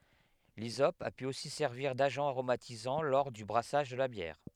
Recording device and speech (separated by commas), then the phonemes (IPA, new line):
headset microphone, read sentence
lizɔp a py osi sɛʁviʁ daʒɑ̃ aʁomatizɑ̃ lɔʁ dy bʁasaʒ də la bjɛʁ